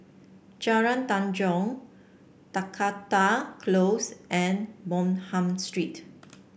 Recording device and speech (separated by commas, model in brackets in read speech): boundary microphone (BM630), read sentence